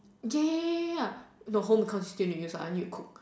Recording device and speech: standing microphone, conversation in separate rooms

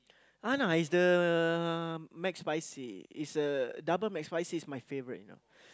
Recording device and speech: close-talking microphone, conversation in the same room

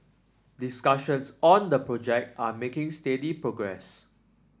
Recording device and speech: standing microphone (AKG C214), read sentence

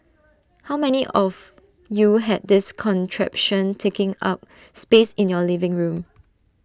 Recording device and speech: standing microphone (AKG C214), read sentence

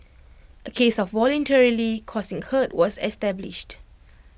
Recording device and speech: boundary microphone (BM630), read sentence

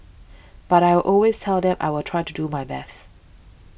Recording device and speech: boundary microphone (BM630), read sentence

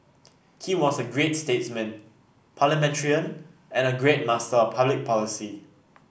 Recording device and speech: boundary microphone (BM630), read sentence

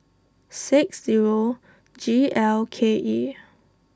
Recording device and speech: standing microphone (AKG C214), read sentence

